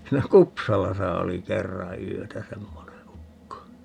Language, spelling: Finnish, siinä Kupsalassa oli kerran yötä semmoinen ukko
- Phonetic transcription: siinä "Kupsalasa oli 'kerra 'yötä "semmone 'ukko .

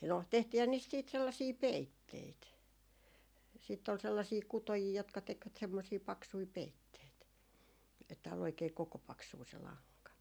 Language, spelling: Finnish, no tehtiinhän niistä sitten sellaisia peitteitä sitten oli sellaisia kutojia jotka tekivät semmoisia paksuja peitteitä että oli oikein kokopaksua se lanka
- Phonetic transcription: no 'tehtiihän niist siit 'sellasii "peitteit , sìtt ‿ol sellasii 'kutojii jotka 'tekvät semmosii 'paksui "peitteit , että ol oikee 'koko'paksuu se 'laŋka .

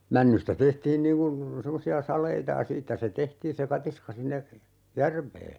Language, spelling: Finnish, männystä tehtiin niin kuin semmoisia saleita ja siitä se tehtiin se katiska sinne järveen
- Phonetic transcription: 'männystä "tehtiin niiŋ ku , 'semmosi₍a "sal̀eita (j)a "siittä se 'tehtiin se 'katiska sinne , "järv̀ee .

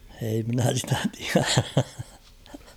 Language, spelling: Finnish, ei minä sitä tiedä
- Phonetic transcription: ei minä 'sitä 'tiärä .

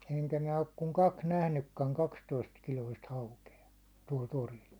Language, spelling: Finnish, enkä minä ole kuin kaksi nähnytkään kaksitoistakiloista haukea tuolla torilla
- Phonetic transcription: 'eŋkä 'minä 'ok kuŋ "kaks 'nähnykkäŋ "kakstoist'kiloist 'hauke₍a , tuål 'toril .

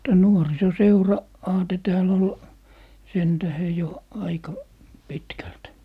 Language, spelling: Finnish, tämä - nuorisoseura-aate täällä oli sen tähden jo aika pitkälti
- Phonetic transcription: tää nuoriso'seura- , -'aate tääl ‿ol , 'sen tähe 'jo , "aika , "pitkält .

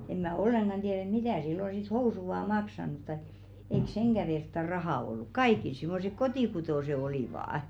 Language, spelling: Finnish, en minä ollenkaan tiedä että mitä silloin sitten housut ovat maksanut tai eikä senkään vertaa rahaa ollut kaikilla semmoiset kotikutoiset olivat
- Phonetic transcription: em mä̀ 'olleŋɢan 'ᴅièr ‿et mitä̀ sillo sit "housu ᵒvà 'maksanut taⁱᵏ , eik 'seŋɢä vertta "rahà olluk "kaikil simmosek "kotìkutòse 'olìvà₍ᵃ .

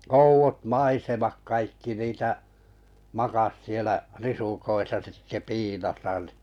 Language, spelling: Finnish, oudot maisemat kaikki niitä makasi siellä risukoissa sitten piilossa niin
- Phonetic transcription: ouvot "maisemak 'kaikki niitä , 'makas sielä , 'risukoisa sitte "piilosa ni .

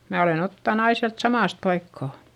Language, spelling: Finnish, minä olen ottanut aina sieltä samasta paikkaa
- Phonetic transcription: mä olen ‿ottan ‿ai siält samàst paikkà .

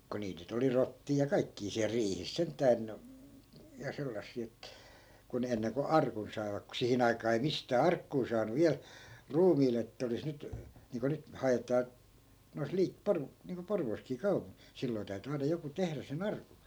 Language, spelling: Finnish, kun niitä nyt oli rottia ja kaikkia siellä riihissä sentään ja sellaisia että kun ne ennen kuin arkun saivat kun siihen aikaan ei mistään arkkua saanut vielä ruumiille että olisi nyt niin kuin nyt haetaan noissa - - niin kuin Porvoossakin - silloin täytyi aina joku tehdä sen arkun
- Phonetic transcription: ko 'niit nyt ‿oli "rottii ja 'kaikkii siäl 'riihis 'sent̆tään , ja 'sellassii et , ku ne 'enneŋko "arkun sai̮vak ku 'sihin ‿aikaa ei 'mistää 'arkkuu saanu "viäl , "ruumiile ettᵃ̈ olis 'nyt , niiŋko 'nyt , 'haetaa , nois 'lii- , 'por- , niiŋko 'porvooskii 'kau- , 'silloi̮ täy̬ty aina joku "tehrä se"n ‿arku .

